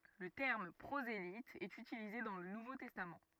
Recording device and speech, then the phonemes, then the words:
rigid in-ear microphone, read sentence
lə tɛʁm pʁozelit ɛt ytilize dɑ̃ lə nuvo tɛstam
Le terme prosélyte est utilisé dans le Nouveau Testament.

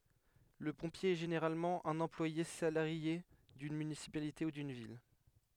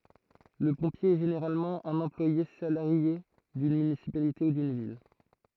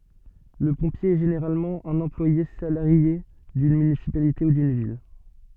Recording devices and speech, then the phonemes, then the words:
headset microphone, throat microphone, soft in-ear microphone, read sentence
lə pɔ̃pje ɛ ʒeneʁalmɑ̃ œ̃n ɑ̃plwaje salaʁje dyn mynisipalite u dyn vil
Le pompier est généralement un employé salarié d'une municipalité ou d'une ville.

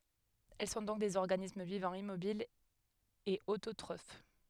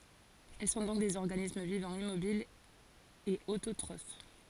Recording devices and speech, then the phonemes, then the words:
headset microphone, forehead accelerometer, read sentence
ɛl sɔ̃ dɔ̃k dez ɔʁɡanism vivɑ̃ immobil e ototʁof
Elles sont donc des organismes vivant immobile et autotrophes.

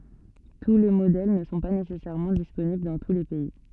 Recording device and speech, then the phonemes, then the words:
soft in-ear microphone, read sentence
tu le modɛl nə sɔ̃ pa nesɛsɛʁmɑ̃ disponibl dɑ̃ tu le pɛi
Tous les modèles ne sont pas nécessairement disponibles dans tous les pays.

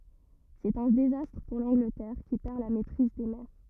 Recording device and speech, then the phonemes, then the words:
rigid in-ear microphone, read sentence
sɛt œ̃ dezastʁ puʁ lɑ̃ɡlətɛʁ ki pɛʁ la mɛtʁiz de mɛʁ
C'est un désastre pour l'Angleterre, qui perd la maîtrise des mers.

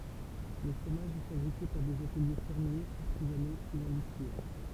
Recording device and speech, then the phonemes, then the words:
temple vibration pickup, read sentence
lə fʁomaʒ ɛ fabʁike paʁ dez atəlje fɛʁmjez aʁtizano u ɛ̃dystʁiɛl
Le fromage est fabriqué par des ateliers fermiers, artisanaux ou industriels.

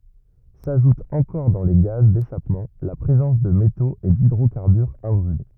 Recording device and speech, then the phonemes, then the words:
rigid in-ear microphone, read sentence
saʒut ɑ̃kɔʁ dɑ̃ le ɡaz deʃapmɑ̃ la pʁezɑ̃s də metoz e didʁokaʁbyʁz ɛ̃bʁyle
S'ajoute encore dans les gaz d'échappement la présence de métaux et d'hydrocarbures imbrûlés.

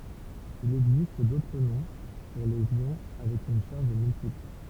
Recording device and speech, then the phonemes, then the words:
temple vibration pickup, read sentence
il ɛɡzist dotʁ nɔ̃ puʁ lez jɔ̃ avɛk yn ʃaʁʒ myltipl
Il existe d'autres noms pour les ions avec une charge multiple.

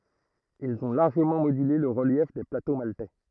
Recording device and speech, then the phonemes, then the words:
throat microphone, read sentence
ilz ɔ̃ laʁʒəmɑ̃ modyle lə ʁəljɛf de plato maltɛ
Ils ont largement modulé le relief des plateaux maltais.

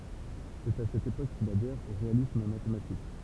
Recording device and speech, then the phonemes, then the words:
temple vibration pickup, read sentence
sɛt a sɛt epok kil adɛʁ o ʁealism matematik
C'est à cette époque qu'il adhère au réalisme mathématique.

